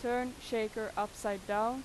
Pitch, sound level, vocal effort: 220 Hz, 90 dB SPL, loud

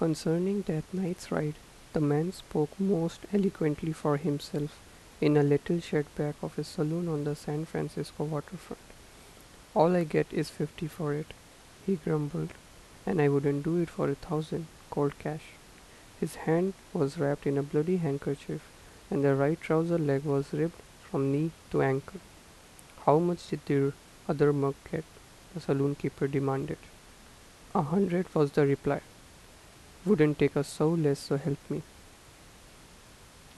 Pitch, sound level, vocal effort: 150 Hz, 80 dB SPL, soft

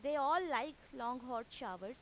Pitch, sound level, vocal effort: 250 Hz, 94 dB SPL, loud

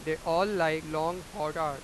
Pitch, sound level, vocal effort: 160 Hz, 99 dB SPL, very loud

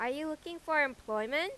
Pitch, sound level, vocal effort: 305 Hz, 93 dB SPL, loud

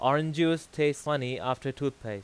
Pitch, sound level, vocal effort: 145 Hz, 93 dB SPL, very loud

